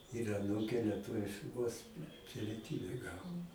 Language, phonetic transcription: Lithuanian, ir aˈnūkė lieˈtuviš vos pilieˈtybe ˈgavo

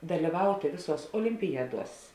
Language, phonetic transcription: Lithuanian, daliˈvautė ˈvėˌsuos olimpiˈjaˌduos

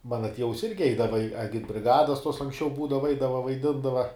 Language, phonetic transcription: Lithuanian, ˈmana ˈtievus ˈirgi ˈeidava i i agitbriˈgados tuos anksˈčiau ˈbūdava ˈeidava vaiˈdindava

